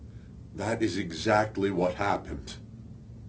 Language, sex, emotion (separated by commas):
English, male, sad